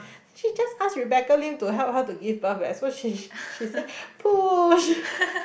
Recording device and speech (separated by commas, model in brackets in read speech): boundary microphone, conversation in the same room